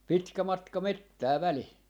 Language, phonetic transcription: Finnish, 'pitkä 'matka "mettää 'välih .
- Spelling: pitkä matka metsää välissä

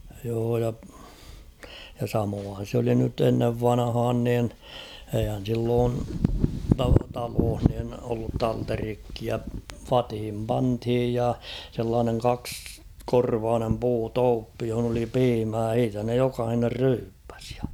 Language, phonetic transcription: Finnish, joo ja , ja 'samoohan̬ s ‿oli nyt ‿ennev 'vanᵃhaan nin , eihän̬ silloon ta- 'talooh nin ollut "talterikkia , "fathim 'panthij ja , sellaaneŋ 'kaks-,'-korvaanem 'puu"tooppi johᵒn ‿oli "piimää h̬iitä ne 'jokahiner 'ryyppᴀ̈s .
- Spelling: joo ja ja samoinhan se oli nyt ennen vanhaan niin eihän silloin - taloissa niin ollut talterikkeja vatiin pantiin ja sellainen kaksikorvainen puutuoppi jossa oli piimää siitä ne jokainen ryyppäsi

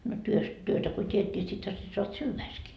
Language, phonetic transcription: Finnish, no työst , 'työtä ko 't́iet ńi sithä se soat "syyväiskii .
- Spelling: no työstä työtä kun teet niin sittenhän se saat syödäksesikin

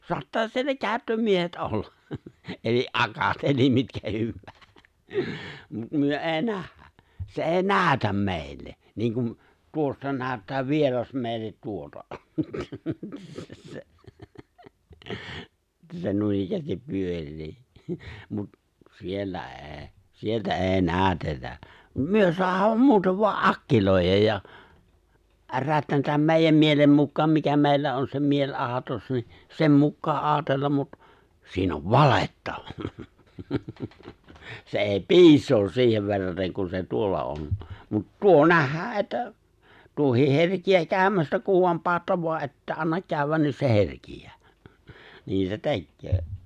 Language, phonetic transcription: Finnish, 'soattaa 'siellä "kääᵒ̈ttömiehet '’olla , eli’ "’akat , elim 'mitkä 'hywwää , , mut 'myö '’e̬e̬ⁱ "nähhä , 'se '’è̬i̬ "nääᵒ̈täm 'mèillet niŋ kum , 'tuossa 'nääᵒ̈ttää 'vieras 'mèillet 'tuota että se 'nuinikkäästip 'pyör̆rii , mut , 'siellä '’e̬e̬ , 'sieltä "’e̬e̬ 'nääᵒ̈tetä , 'myö 'soahaam "muutev "voa’ "’akkilòijaj ja , 'rätnätäm "mè̬i̬jäm 'mielem 'mukkaam mikä 'mèillä on se "mieĺ'’aatos ni , 'sem 'mukkaa '’aatellam mut , 'siin ‿ov "valetta , 'se '’è̬i "piis̀oos 'si̬ihev verrateŋ kun se 'tuolla on , mut "tuo 'nähhää ’että , 'tuohiih "herkijää 'kääᵒ̈mästä kuv voam 'paatta voa ’että 'annak 'kääᵒ̈wwän niin se "herkij̆jää , 'niin se "tekköö .
- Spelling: saattaa siellä käyttömiehet olla eli akat eli mitkä hyvänsä mutta me ei nähdä se ei näytä meille niin kuin tuossa näyttää vieras meille tuota että se noinikään pyörii mutta siellä ei sieltä ei näytetä me saadaan muuten vain akkiloida ja rätnätä meidän mielen mukaan mikä meillä on se mieliaatos niin sen mukaan ajatella mutta siinä on valetta se ei piisaa siihen verraten kun se tuolla on mutta tuo nähdään että tuokin herkeää käymästä kun vain panette vaan ette anna käydä niin se herkeää niin se tekee

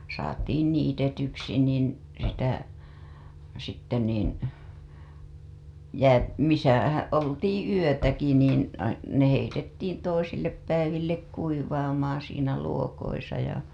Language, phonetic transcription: Finnish, saatiin 'niitetyksi nìn , sitä , sitte nìn , jää- , misä , 'oltiiḭ yötäki niin , ne heitettiin toisillep päivillek kuivaamaa̰ siinä luokoisa ja .
- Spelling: saatiin niitetyksi niin sitä sitten niin - missä oltiin yötäkin niin ne heitettiin toisille päiville kuivaamaan siinä luokoissa ja

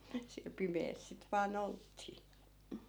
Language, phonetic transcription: Finnish, siäˡ 'pimees sit vaa'n ‿olttii .
- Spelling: siellä pimeässä sitten vain oltiin

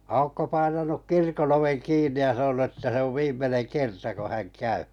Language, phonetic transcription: Finnish, 'Aukko painanuk 'kirkon ‿oveŋ 'kiin̆ni ja 'sanonu että 'se ov 'viim̆meneŋ "kerta ko häŋ 'käy .
- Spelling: Aukko painanut kirkon oven kiinni ja sanonut että se on viimeinen kerta kun hän käy

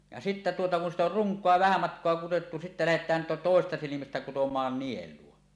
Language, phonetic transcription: Finnish, ja sittä tuota kun sit ‿or "ruŋk̀oa 'vähä 'matk̀oa kuwottu 'sittä "lähet̀ään to- tòesesta silimästä kutom̀aan 'niel̀uo .
- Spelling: ja sitten tuota kun sitten on runkoa vähän matkaa kudottu sitten lähdetään - toisesta silmästä kutomaan nielua

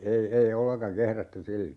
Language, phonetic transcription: Finnish, 'ei , 'ei 'olleŋkaŋ "kehrätty 'sillo .
- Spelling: ei ei ollenkaan kehrätty silloin

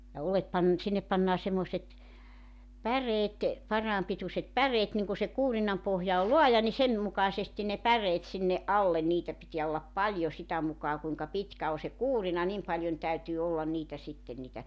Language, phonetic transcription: Finnish, ja 'olet 'pan- , 'sinnep pannaa 'semmoⁱset , "päreet , 'paraam pituśet 'päreet niŋ ku se 'kuurinam 'pohja ol "loaja ni 'sen , 'mukaⁱsestin ne "päreet sinne '’allen 'niitä pitiä ollap 'paĺjo 'sitä mukaa kuiŋka 'pitkä o se 'kuurina 'nim paljon , 'täytyy 'ollan niitä sitten̆ niitä ,.
- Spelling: ja oljet - sinne pannaan semmoiset päreet parhaan pituiset päreet niin kun se kuurinan pohja on laaja niin sen mukaisesti ne päreet sinne alle niitä pitää olla paljon sitä mukaa kuinka pitkä on se kuurina niin paljon täytyy olla niitä sitten niitä

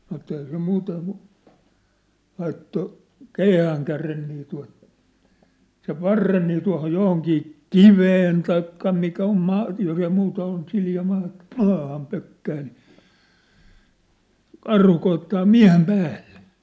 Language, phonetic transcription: Finnish, sanŏ että eihä se 'muuteŋ kŭ , 'laitto , "keihääŋkären nii tua̭t , sev 'varren nii tua̭hoj 'johoŋkii , "kiveen taikka mikä om 'maa , jos ‿ei muuta ol nĭ silja maa , "maaham pökkää ni , "karhu koittaa "miä̭hem "päällᴇ .
- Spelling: sanoi että eihän se muuten kuin laittoi keihäänkärjen niin tuota sen varren niin tuohon johonkin kiveen tai mikä on maa jos ei muuta ole niin sileä maa maahan pökkää niin karhu koettaa miehen päälle

